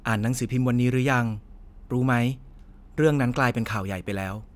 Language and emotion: Thai, neutral